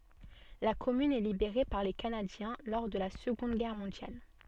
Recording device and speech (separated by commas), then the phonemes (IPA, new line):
soft in-ear microphone, read sentence
la kɔmyn ɛ libeʁe paʁ le kanadjɛ̃ lɔʁ də la səɡɔ̃d ɡɛʁ mɔ̃djal